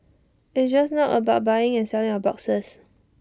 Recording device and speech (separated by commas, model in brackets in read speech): standing microphone (AKG C214), read sentence